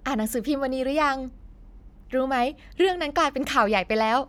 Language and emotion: Thai, happy